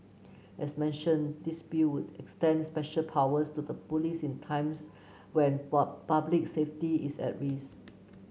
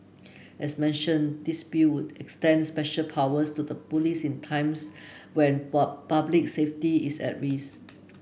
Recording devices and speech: mobile phone (Samsung C9), boundary microphone (BM630), read sentence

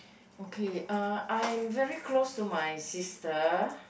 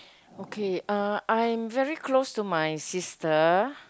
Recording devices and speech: boundary microphone, close-talking microphone, conversation in the same room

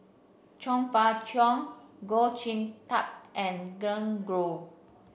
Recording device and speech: boundary microphone (BM630), read sentence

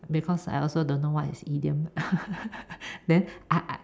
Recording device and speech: standing microphone, conversation in separate rooms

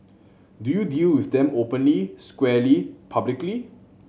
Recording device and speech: mobile phone (Samsung C7100), read sentence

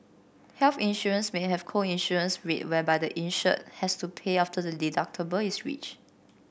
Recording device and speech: boundary microphone (BM630), read sentence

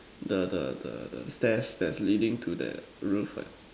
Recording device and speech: standing microphone, conversation in separate rooms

